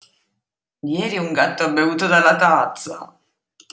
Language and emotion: Italian, disgusted